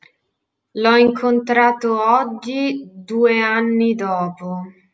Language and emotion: Italian, disgusted